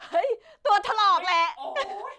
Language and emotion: Thai, happy